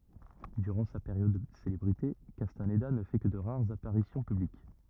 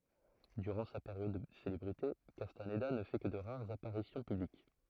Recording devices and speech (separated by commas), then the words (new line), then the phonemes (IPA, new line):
rigid in-ear microphone, throat microphone, read sentence
Durant sa période de célébrité, Castaneda ne fait que de rares apparitions publiques.
dyʁɑ̃ sa peʁjɔd də selebʁite kastanda nə fɛ kə də ʁaʁz apaʁisjɔ̃ pyblik